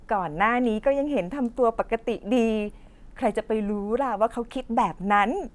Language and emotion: Thai, happy